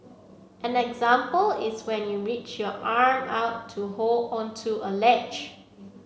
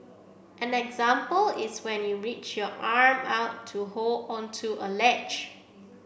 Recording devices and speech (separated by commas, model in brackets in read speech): mobile phone (Samsung C7), boundary microphone (BM630), read sentence